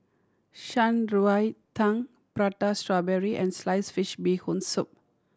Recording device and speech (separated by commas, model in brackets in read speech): standing microphone (AKG C214), read sentence